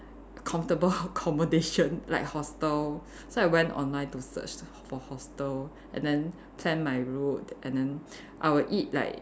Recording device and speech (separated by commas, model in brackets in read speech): standing microphone, conversation in separate rooms